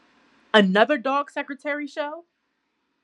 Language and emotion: English, angry